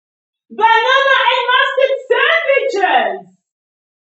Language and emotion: English, surprised